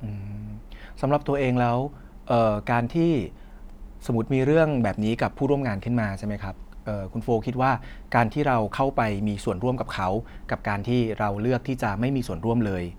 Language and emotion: Thai, neutral